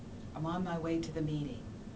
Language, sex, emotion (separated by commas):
English, female, neutral